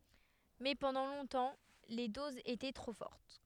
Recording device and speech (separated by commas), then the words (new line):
headset microphone, read sentence
Mais pendant longtemps, les doses étaient trop fortes.